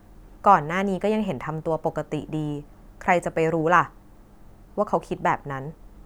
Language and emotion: Thai, neutral